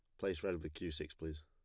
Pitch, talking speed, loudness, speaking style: 85 Hz, 290 wpm, -43 LUFS, plain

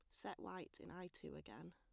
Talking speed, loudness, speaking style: 235 wpm, -54 LUFS, plain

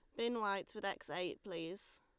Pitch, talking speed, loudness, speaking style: 200 Hz, 200 wpm, -42 LUFS, Lombard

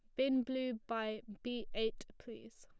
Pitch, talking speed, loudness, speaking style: 225 Hz, 155 wpm, -39 LUFS, plain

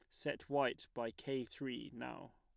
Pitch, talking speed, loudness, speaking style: 130 Hz, 165 wpm, -42 LUFS, plain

